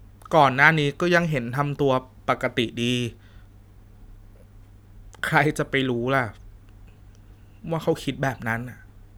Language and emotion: Thai, sad